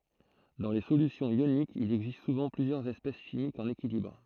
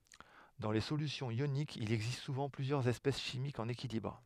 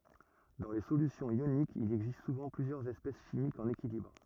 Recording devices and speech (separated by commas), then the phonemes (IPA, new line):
throat microphone, headset microphone, rigid in-ear microphone, read sentence
dɑ̃ le solysjɔ̃z jonikz il ɛɡzist suvɑ̃ plyzjœʁz ɛspɛs ʃimikz ɑ̃n ekilibʁ